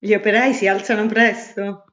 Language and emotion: Italian, happy